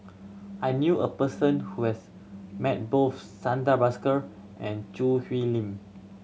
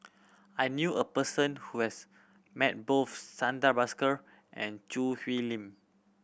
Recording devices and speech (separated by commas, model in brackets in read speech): mobile phone (Samsung C7100), boundary microphone (BM630), read sentence